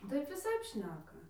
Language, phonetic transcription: Lithuanian, ˈtaip viˈsaip ˈšneka

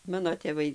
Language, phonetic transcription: Lithuanian, ˈmano tėˈvai

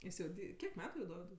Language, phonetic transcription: Lithuanian, ˈjis jau ˈdy ˈkiek ˈmetu jau ˈdovidui

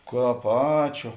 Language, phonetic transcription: Lithuanian, ˈkāp ˈačiū

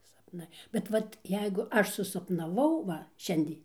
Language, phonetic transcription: Lithuanian, sapˈnai bet ˈvat ˈjeigu ˈaš susapnaˈvau ˈva ˈšiandė

